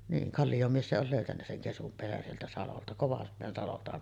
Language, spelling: Finnish, niin Kallion mies se oli löytänyt sen ketun pesän sieltä salolta Kovan salolta
- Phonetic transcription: niin , 'Kallijom mies se ‿ol 'lö̀ytännä seŋ 'kesum pesän sieltä 'salolta , (Kovan) salolta .

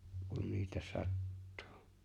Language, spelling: Finnish, kun niitä sattuu
- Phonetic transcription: kun 'niitä 'sattᴜᴜ .

